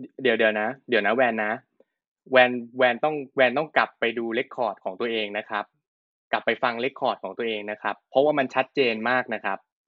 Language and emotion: Thai, frustrated